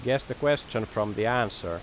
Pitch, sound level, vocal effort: 120 Hz, 88 dB SPL, loud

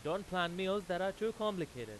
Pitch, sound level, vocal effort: 185 Hz, 97 dB SPL, very loud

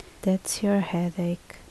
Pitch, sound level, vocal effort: 180 Hz, 69 dB SPL, soft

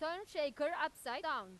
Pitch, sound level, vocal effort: 295 Hz, 101 dB SPL, loud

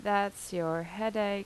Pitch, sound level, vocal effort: 200 Hz, 84 dB SPL, normal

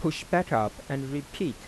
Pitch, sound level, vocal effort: 145 Hz, 86 dB SPL, soft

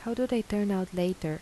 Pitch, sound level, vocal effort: 195 Hz, 82 dB SPL, soft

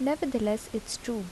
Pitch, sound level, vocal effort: 230 Hz, 76 dB SPL, soft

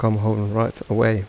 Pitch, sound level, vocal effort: 110 Hz, 80 dB SPL, soft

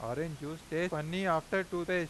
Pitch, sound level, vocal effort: 165 Hz, 93 dB SPL, loud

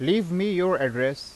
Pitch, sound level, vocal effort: 180 Hz, 92 dB SPL, loud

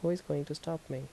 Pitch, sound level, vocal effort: 160 Hz, 77 dB SPL, soft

